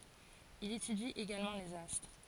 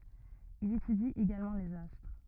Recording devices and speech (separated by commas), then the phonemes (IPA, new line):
forehead accelerometer, rigid in-ear microphone, read sentence
il etydi eɡalmɑ̃ lez astʁ